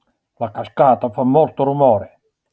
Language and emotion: Italian, angry